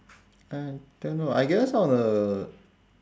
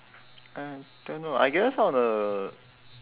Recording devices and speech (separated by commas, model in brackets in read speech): standing microphone, telephone, conversation in separate rooms